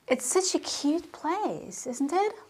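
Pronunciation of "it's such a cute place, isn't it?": The voice goes down on the tag 'isn't it', so it is not a real question but an invitation to agree.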